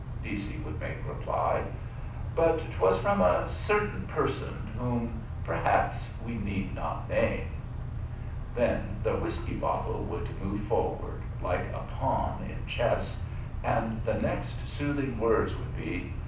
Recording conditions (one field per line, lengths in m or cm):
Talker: one person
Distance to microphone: 5.8 m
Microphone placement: far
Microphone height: 1.8 m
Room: medium-sized (5.7 m by 4.0 m)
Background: none